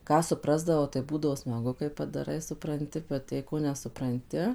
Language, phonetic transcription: Lithuanian, ˈką suˈprasdavau tai ˈbūdavo smaˈgu kai padaˈrai supranˈti bet jei ˈko nesupranˈti

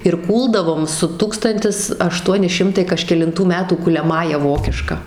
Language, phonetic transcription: Lithuanian, ir ˈkūldavom su ˈtūkstantis aˈštuoni ˈšimtai kažkelinˈtų ˈmetų kuliaˈmąja ˈvokiška

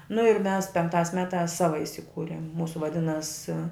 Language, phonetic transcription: Lithuanian, nu ir mes penkˈtās ˈmetās ˈsava isiˈkūrim ˈmūsu vaˈdinas

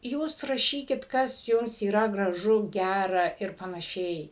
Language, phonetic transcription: Lithuanian, ˈjūs raˈšykit ˈkas ˈjums yˈra graˈžu ˈgæra ir panaˈšiai

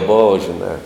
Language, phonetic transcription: Lithuanian, ˈbova žiˈnā

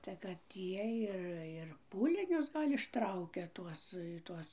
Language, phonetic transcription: Lithuanian, tai kad ˈiej ˈir ir ˈpūlinius ˈgal' išˈtraukia ˈtuos ˈtuos

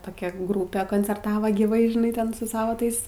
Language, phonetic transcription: Lithuanian, toˈkia ˈgrūpė koncerˈtavo gyˈvai žiˈnai ˈten su ˈsava ˈtais

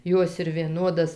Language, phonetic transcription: Lithuanian, ˈjos ir vieˈnodas

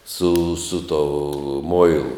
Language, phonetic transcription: Lithuanian, su su to ˈmoilu

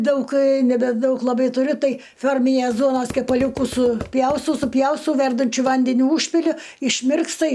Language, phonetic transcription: Lithuanian, ˈdaug nebeˈdaug laˈbai tuˈriu ˈtai ˈfiorminės ˈduonos kepaˈliūkus suˈpjaustau suˈpjaustau ˈverdančiu ˈvandeniu ˈūžpiliu išˈmirksta

